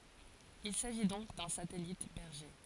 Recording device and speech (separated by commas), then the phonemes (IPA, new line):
forehead accelerometer, read sentence
il saʒi dɔ̃k dœ̃ satɛlit bɛʁʒe